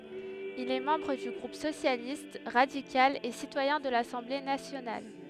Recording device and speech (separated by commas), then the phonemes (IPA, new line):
headset microphone, read sentence
il ɛ mɑ̃bʁ dy ɡʁup sosjalist ʁadikal e sitwajɛ̃ də lasɑ̃ble nasjonal